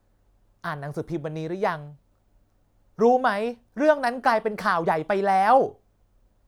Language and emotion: Thai, frustrated